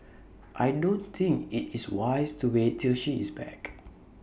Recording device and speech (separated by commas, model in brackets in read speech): boundary microphone (BM630), read sentence